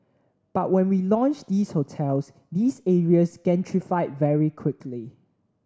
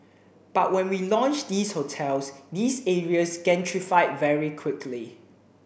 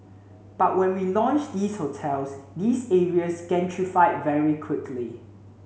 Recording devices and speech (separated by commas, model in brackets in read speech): standing microphone (AKG C214), boundary microphone (BM630), mobile phone (Samsung C7), read sentence